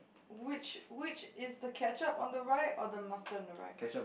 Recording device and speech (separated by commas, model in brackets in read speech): boundary microphone, conversation in the same room